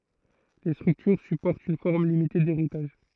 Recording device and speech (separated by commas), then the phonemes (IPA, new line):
throat microphone, read sentence
le stʁyktyʁ sypɔʁtt yn fɔʁm limite deʁitaʒ